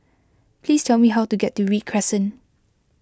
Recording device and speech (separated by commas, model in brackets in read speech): close-talking microphone (WH20), read sentence